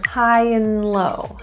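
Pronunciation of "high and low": In 'high and low', 'and' is reduced to just an n sound.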